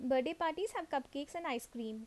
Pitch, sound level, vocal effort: 280 Hz, 81 dB SPL, normal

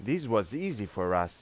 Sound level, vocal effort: 91 dB SPL, loud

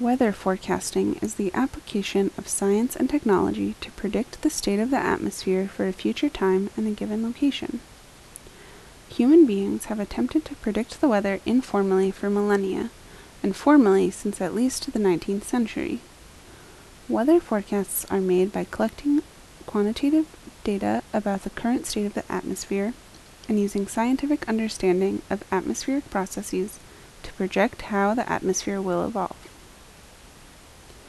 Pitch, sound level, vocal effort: 210 Hz, 74 dB SPL, soft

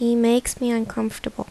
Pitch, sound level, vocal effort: 235 Hz, 76 dB SPL, soft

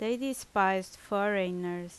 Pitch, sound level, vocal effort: 195 Hz, 83 dB SPL, loud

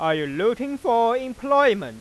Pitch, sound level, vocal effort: 235 Hz, 102 dB SPL, loud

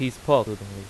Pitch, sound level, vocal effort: 110 Hz, 90 dB SPL, loud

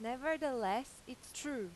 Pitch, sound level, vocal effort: 255 Hz, 90 dB SPL, loud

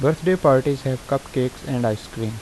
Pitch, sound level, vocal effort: 130 Hz, 82 dB SPL, normal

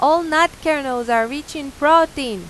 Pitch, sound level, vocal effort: 290 Hz, 95 dB SPL, very loud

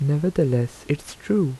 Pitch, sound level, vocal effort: 145 Hz, 77 dB SPL, soft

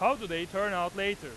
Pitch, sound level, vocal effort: 195 Hz, 102 dB SPL, loud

